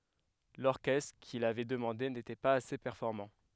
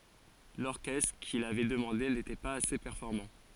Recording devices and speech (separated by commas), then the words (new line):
headset microphone, forehead accelerometer, read sentence
L'orchestre qu'il avait demandé n'était pas assez performant.